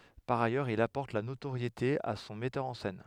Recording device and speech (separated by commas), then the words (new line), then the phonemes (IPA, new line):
headset microphone, read sentence
Par ailleurs, il apporte la notoriété à son metteur en scène.
paʁ ajœʁz il apɔʁt la notoʁjete a sɔ̃ mɛtœʁ ɑ̃ sɛn